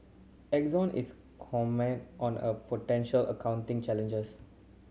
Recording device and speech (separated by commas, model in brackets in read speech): mobile phone (Samsung C7100), read sentence